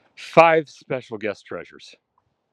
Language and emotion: English, disgusted